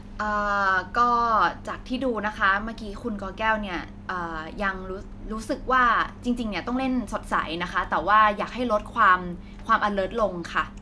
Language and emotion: Thai, frustrated